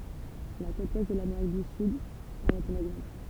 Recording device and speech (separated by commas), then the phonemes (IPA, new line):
temple vibration pickup, read sentence
la kot wɛst də lameʁik dy syd ɑ̃n ɛt œ̃n ɛɡzɑ̃pl